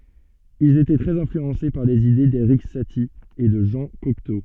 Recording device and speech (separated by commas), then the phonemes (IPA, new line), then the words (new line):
soft in-ear microphone, read sentence
ilz etɛ tʁɛz ɛ̃flyɑ̃se paʁ lez ide deʁik sati e də ʒɑ̃ kɔkto
Ils étaient très influencés par les idées d'Erik Satie et de Jean Cocteau.